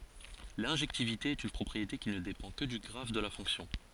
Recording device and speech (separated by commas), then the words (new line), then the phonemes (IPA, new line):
forehead accelerometer, read sentence
L'injectivité est une propriété qui ne dépend que du graphe de la fonction.
lɛ̃ʒɛktivite ɛt yn pʁɔpʁiete ki nə depɑ̃ kə dy ɡʁaf də la fɔ̃ksjɔ̃